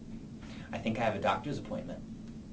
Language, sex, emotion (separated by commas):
English, male, neutral